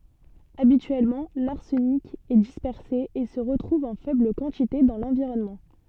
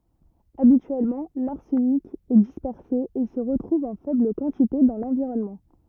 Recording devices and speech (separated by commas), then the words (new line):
soft in-ear microphone, rigid in-ear microphone, read sentence
Habituellement, l’arsenic est dispersé et se retrouve en faible quantité dans l’environnement.